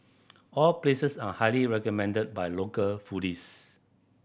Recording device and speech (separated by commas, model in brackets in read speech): boundary microphone (BM630), read sentence